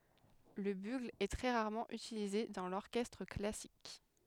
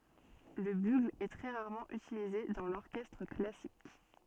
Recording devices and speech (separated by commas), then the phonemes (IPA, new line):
headset microphone, soft in-ear microphone, read sentence
lə byɡl ɛ tʁɛ ʁaʁmɑ̃ ytilize dɑ̃ lɔʁkɛstʁ klasik